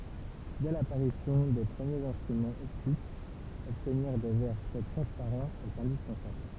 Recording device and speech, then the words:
temple vibration pickup, read sentence
Dès l'apparition des premiers instruments optiques, obtenir des verres très transparents est indispensable.

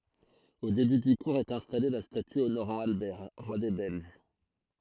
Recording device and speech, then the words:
throat microphone, read sentence
Au début du cours est installée la statue honorant Albert, roi des Belges.

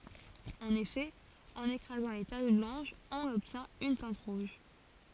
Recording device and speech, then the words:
forehead accelerometer, read sentence
En effet, en écrasant les taches blanches on obtient une teinte rouge.

